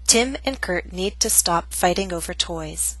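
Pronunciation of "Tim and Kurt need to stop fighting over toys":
'Tim' has a true T, and the T at the end of 'Kurt' is a glottal stop. 'To' has a true T, 'stop' has a true T with less puff of air, 'fighting' has a flap T, and 'toys' has a true T.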